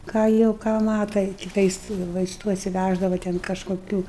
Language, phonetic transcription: Lithuanian, ką ˈjau ˈką ˈmata i kiˈtais vaisˈtų atsiˈvæždava ˈten kažkoˈkių

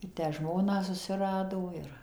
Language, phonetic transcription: Lithuanian, i ˈtę ˈžmoną susiˈrado ˈir

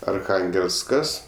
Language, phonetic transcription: Lithuanian, arˈchangelsˌkas

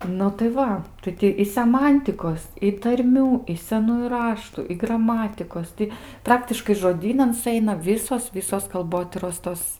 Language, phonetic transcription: Lithuanian, ˈnu tai ˈva ˈtai ti i seˈmantikos i tarˈmių i seˈnųju ˈraštu i graˈmatikos ˈti ˈpraktiškai žoˈdynan suˈeina ˈvysos ˈvisos kalˈbotyros ˈtos

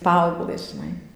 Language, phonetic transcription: Lithuanian, ˈpaauglɘs ˈžinai

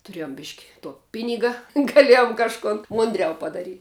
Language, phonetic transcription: Lithuanian, tuˈrėjom bišk' tuo ˈpiniga gaˈliejom kažˈkun ˈmundˌriau padaˈryt'

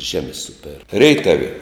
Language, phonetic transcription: Lithuanian, ˈžemi ˈsuper ˈreitav'

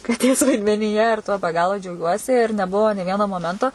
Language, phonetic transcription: Lithuanian, kaˈtės vaidmenyˈje ir tuo be ˈgalo džiauˈgiuosi ir neˈbuvo nė ˈvieno moˈmento

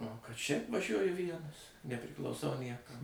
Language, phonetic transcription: Lithuanian, o kad šiaip vaˈžiuoju ˈvienas nepriklauˈsau ˈniekam

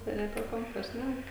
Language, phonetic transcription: Lithuanian, tai jiˈnai apie ˈkompa ˈšnæk

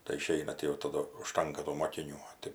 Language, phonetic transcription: Lithuanian, tai iˈšeina ti jau taˈdu užˈtanka tų mokiˈnių

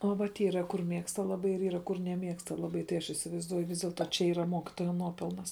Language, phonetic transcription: Lithuanian, o vat ˈyra kur ˈmėgsta laˈbai ir ˈyra kur neˈmėgsta laˈbai tai ˈaš isivaizˈduoju ˈvis dėlˈto čia ˈyra ˈmokitoja ˈnuopelnas

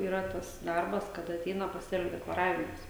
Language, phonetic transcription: Lithuanian, yˈra ˈtas ˈdarbas ˈkada aˈteina paˈsėliu deklaˈravimas

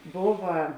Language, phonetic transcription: Lithuanian, ˈbova

